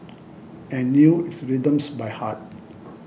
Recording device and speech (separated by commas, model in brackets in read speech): boundary microphone (BM630), read sentence